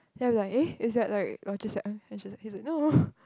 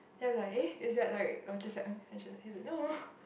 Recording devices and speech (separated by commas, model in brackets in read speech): close-talking microphone, boundary microphone, conversation in the same room